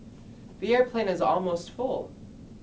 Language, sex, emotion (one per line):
English
male
neutral